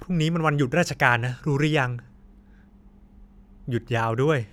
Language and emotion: Thai, neutral